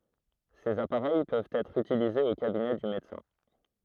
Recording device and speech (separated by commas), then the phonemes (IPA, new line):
throat microphone, read sentence
sez apaʁɛj pøvt ɛtʁ ytilizez o kabinɛ dy medəsɛ̃